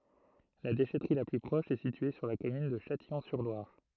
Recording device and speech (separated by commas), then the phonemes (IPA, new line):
throat microphone, read sentence
la deʃɛtʁi la ply pʁɔʃ ɛ sitye syʁ la kɔmyn də ʃatijɔ̃syʁlwaʁ